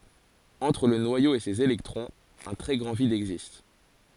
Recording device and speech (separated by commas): forehead accelerometer, read sentence